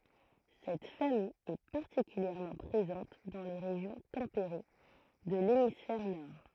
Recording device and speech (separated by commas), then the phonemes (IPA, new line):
throat microphone, read sentence
sɛt famij ɛ paʁtikyljɛʁmɑ̃ pʁezɑ̃t dɑ̃ le ʁeʒjɔ̃ tɑ̃peʁe də lemisfɛʁ nɔʁ